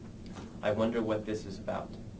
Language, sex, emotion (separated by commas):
English, male, neutral